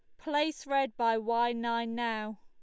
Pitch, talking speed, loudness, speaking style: 235 Hz, 165 wpm, -31 LUFS, Lombard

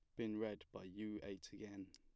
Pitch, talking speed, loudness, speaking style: 105 Hz, 215 wpm, -49 LUFS, plain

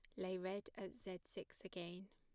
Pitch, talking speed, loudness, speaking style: 185 Hz, 190 wpm, -50 LUFS, plain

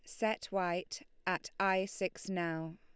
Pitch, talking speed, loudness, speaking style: 190 Hz, 140 wpm, -36 LUFS, Lombard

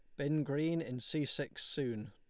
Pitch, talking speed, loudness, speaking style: 145 Hz, 190 wpm, -37 LUFS, Lombard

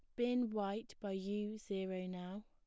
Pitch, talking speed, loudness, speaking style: 205 Hz, 160 wpm, -41 LUFS, plain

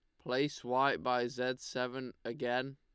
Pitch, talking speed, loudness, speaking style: 125 Hz, 140 wpm, -35 LUFS, Lombard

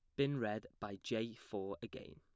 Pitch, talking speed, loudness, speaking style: 110 Hz, 185 wpm, -42 LUFS, plain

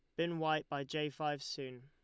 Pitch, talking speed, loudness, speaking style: 150 Hz, 220 wpm, -39 LUFS, Lombard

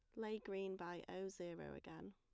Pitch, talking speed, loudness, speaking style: 175 Hz, 185 wpm, -50 LUFS, plain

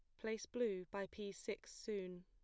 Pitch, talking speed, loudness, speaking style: 200 Hz, 175 wpm, -46 LUFS, plain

